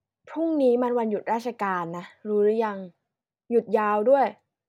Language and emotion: Thai, frustrated